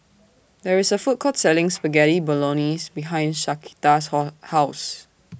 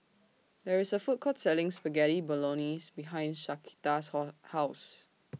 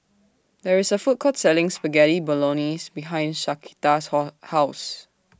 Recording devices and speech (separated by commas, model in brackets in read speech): boundary microphone (BM630), mobile phone (iPhone 6), standing microphone (AKG C214), read sentence